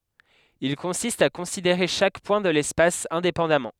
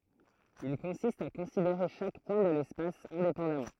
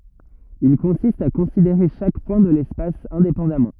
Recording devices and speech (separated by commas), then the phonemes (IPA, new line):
headset microphone, throat microphone, rigid in-ear microphone, read sentence
il kɔ̃sist a kɔ̃sideʁe ʃak pwɛ̃ də lɛspas ɛ̃depɑ̃damɑ̃